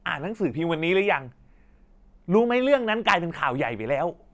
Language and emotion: Thai, angry